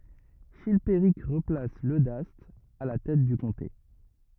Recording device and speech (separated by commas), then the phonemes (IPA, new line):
rigid in-ear microphone, read sentence
ʃilpeʁik ʁəplas lødast a la tɛt dy kɔ̃te